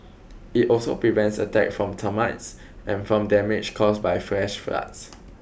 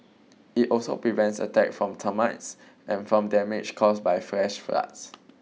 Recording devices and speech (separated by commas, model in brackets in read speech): boundary microphone (BM630), mobile phone (iPhone 6), read sentence